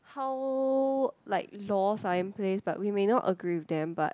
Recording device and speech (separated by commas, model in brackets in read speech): close-talking microphone, conversation in the same room